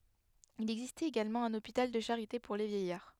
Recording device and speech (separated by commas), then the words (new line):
headset microphone, read sentence
Il existait également un hôpital de charité pour les vieillards.